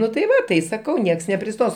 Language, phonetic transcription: Lithuanian, ˈnu tai ˈva tai saˈkau ˈnieks nepriˈstos

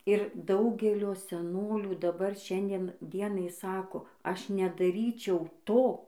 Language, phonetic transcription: Lithuanian, ir ˈdaugelio seˈnolių daˈbar ˈšiandien ˈdienai ˈsako ˈaš nedaˈryčiau ˈto

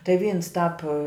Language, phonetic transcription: Lithuanian, tai ˈvyns ˈtāp

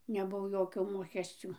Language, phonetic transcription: Lithuanian, neˈbuvo ˈjokio ˈmokesciu

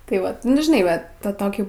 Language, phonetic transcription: Lithuanian, tai ˈvat ˈnu žiˈnai va ˈta ˈtokį

